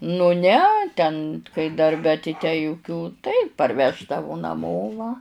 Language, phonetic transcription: Lithuanian, nu ˈne ten kai darˈbe tai tę juˈkių tai parˈveždavu naˈmo va

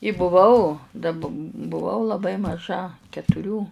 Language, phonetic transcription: Lithuanian, i buˈvau da b buˈvau laˈbai maˈža ketuˈrių

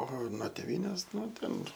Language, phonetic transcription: Lithuanian, o nuo teˈvynės ˈnu ˈten

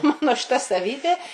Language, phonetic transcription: Lithuanian, ˈmano šiˈta saˈvybė

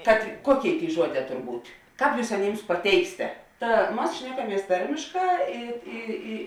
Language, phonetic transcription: Lithuanian, kad ˈkuoˌkėi ˈtėi ˈžuoˌdē ˈtor ˈbūt' ˈkāp ˈjūs aˈnims paˈteiksite ˈta ˈmas ˈšnekaˌmies ˈtarmėšˌkā ˈi ˈi ˈi

